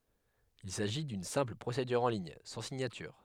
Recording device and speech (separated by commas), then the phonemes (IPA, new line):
headset microphone, read sentence
il saʒi dyn sɛ̃pl pʁosedyʁ ɑ̃ liɲ sɑ̃ siɲatyʁ